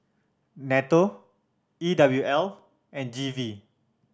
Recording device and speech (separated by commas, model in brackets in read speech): standing microphone (AKG C214), read sentence